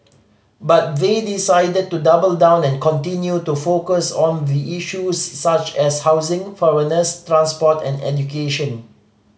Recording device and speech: mobile phone (Samsung C5010), read sentence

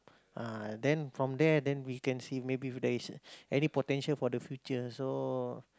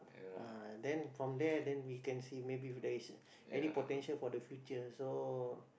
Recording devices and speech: close-talking microphone, boundary microphone, conversation in the same room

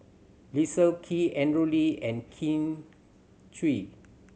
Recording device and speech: mobile phone (Samsung C7100), read sentence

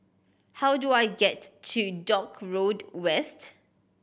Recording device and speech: boundary microphone (BM630), read sentence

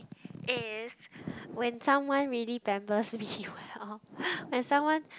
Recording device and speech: close-talking microphone, conversation in the same room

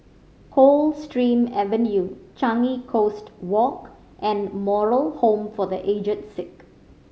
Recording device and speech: mobile phone (Samsung C5010), read sentence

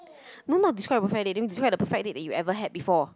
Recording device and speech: close-talking microphone, conversation in the same room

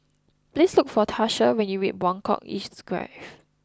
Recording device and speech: close-talking microphone (WH20), read sentence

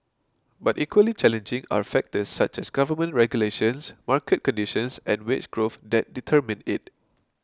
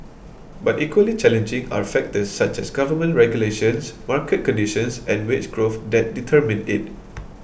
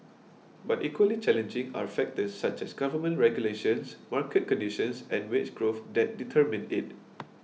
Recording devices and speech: close-talking microphone (WH20), boundary microphone (BM630), mobile phone (iPhone 6), read sentence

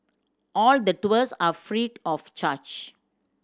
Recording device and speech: standing microphone (AKG C214), read sentence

